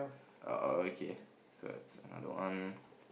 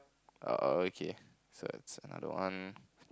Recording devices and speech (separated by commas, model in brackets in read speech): boundary microphone, close-talking microphone, conversation in the same room